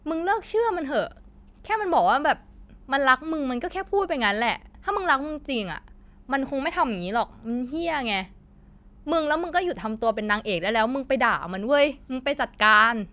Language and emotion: Thai, angry